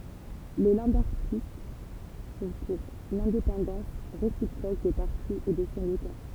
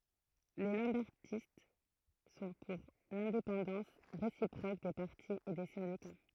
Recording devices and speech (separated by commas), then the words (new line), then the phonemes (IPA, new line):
temple vibration pickup, throat microphone, read sentence
Les lambertistes sont pour l'indépendance réciproque des partis et des syndicats.
le lɑ̃bɛʁtist sɔ̃ puʁ lɛ̃depɑ̃dɑ̃s ʁesipʁok de paʁti e de sɛ̃dika